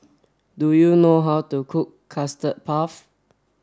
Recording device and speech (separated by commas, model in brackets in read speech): standing microphone (AKG C214), read sentence